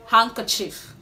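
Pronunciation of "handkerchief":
'Handkerchief' is pronounced correctly here.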